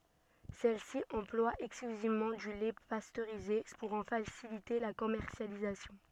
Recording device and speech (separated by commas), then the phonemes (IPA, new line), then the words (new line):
soft in-ear microphone, read sentence
sɛlsi ɑ̃plwa ɛksklyzivmɑ̃ dy lɛ pastøʁize puʁ ɑ̃ fasilite la kɔmɛʁsjalizasjɔ̃
Celle-ci emploie exclusivement du lait pasteurisé pour en faciliter la commercialisation.